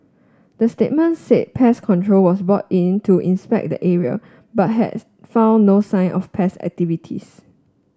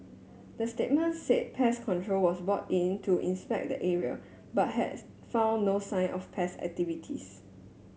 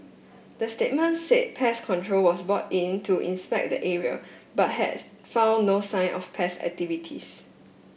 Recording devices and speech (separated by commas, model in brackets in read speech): standing microphone (AKG C214), mobile phone (Samsung S8), boundary microphone (BM630), read sentence